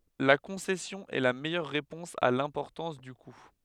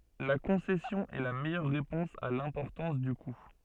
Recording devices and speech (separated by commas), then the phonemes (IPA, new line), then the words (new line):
headset microphone, soft in-ear microphone, read sentence
la kɔ̃sɛsjɔ̃ ɛ la mɛjœʁ ʁepɔ̃s a lɛ̃pɔʁtɑ̃s dy ku
La concession est la meilleure réponse à l'importance du coût.